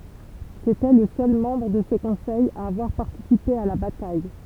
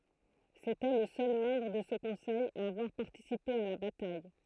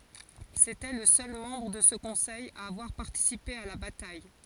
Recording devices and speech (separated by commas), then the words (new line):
temple vibration pickup, throat microphone, forehead accelerometer, read sentence
C'était le seul membre de ce conseil à avoir participé à la bataille.